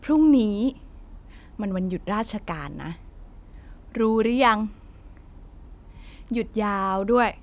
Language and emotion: Thai, happy